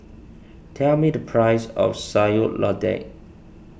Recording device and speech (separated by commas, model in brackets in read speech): boundary microphone (BM630), read sentence